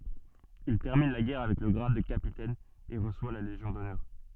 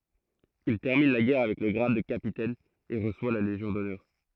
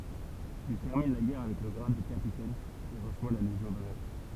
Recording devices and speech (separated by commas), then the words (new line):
soft in-ear microphone, throat microphone, temple vibration pickup, read sentence
Il termine la guerre avec le grade de capitaine et reçoit la Légion d'honneur.